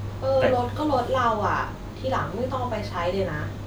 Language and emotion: Thai, frustrated